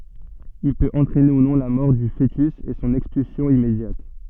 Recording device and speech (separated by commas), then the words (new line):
soft in-ear microphone, read sentence
Il peut entraîner, ou non, la mort du fœtus et son expulsion immédiate.